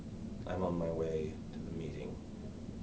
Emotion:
neutral